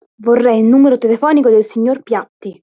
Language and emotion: Italian, angry